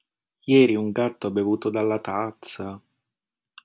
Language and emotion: Italian, surprised